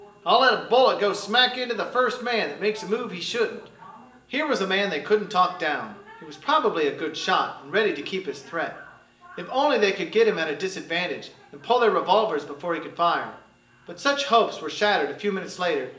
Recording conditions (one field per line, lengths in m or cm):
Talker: one person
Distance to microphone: 1.8 m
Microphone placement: close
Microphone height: 1.0 m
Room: large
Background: television